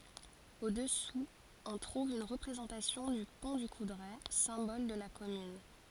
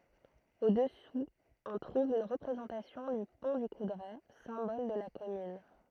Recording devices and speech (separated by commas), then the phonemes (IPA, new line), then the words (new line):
forehead accelerometer, throat microphone, read sentence
o dəsu ɔ̃ tʁuv yn ʁəpʁezɑ̃tasjɔ̃ dy pɔ̃ dy kudʁɛ sɛ̃bɔl də la kɔmyn
Au-dessous, on trouve une représentation du Pont du Coudray, symbole de la commune.